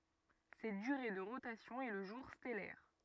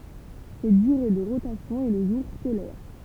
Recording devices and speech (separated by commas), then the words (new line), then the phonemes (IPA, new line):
rigid in-ear microphone, temple vibration pickup, read sentence
Cette durée de rotation est le jour stellaire.
sɛt dyʁe də ʁotasjɔ̃ ɛ lə ʒuʁ stɛlɛʁ